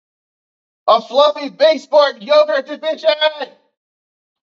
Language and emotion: English, surprised